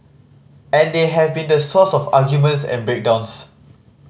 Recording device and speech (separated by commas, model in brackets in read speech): mobile phone (Samsung C5010), read sentence